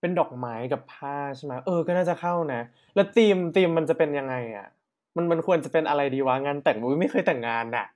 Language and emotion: Thai, happy